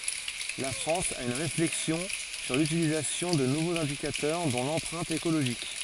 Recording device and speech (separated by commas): forehead accelerometer, read sentence